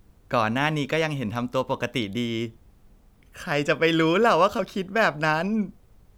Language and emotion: Thai, happy